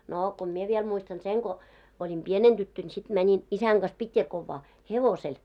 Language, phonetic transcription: Finnish, noo ko "mie viel 'muistan 'seŋ ɢo , oĺim "pieneŋ 'ᴅyttön sit mäńin , 'isäŋ ɢas 'Pitjakovvaa , "hevosel .
- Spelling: no kun minä vielä muistan sen kun olin pienenä tyttönä sitten menin isän kanssa Pitjakovaan hevosella

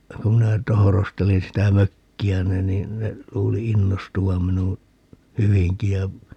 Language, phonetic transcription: Finnish, 'kum minä 'tohorostelin sitä "mökki₍äni 'niin ne , 'luuli "innostuvam̆ minu , "hyviŋki ja , .
- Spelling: kun minä tohrostelin sitä mökkiäni niin ne luuli innostuvan minun hyvinkin ja

